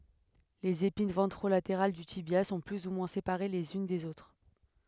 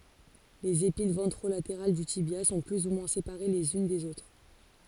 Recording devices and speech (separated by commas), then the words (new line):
headset microphone, forehead accelerometer, read sentence
Les épines ventrolatérales du tibia sont plus ou moins séparées les unes des autres.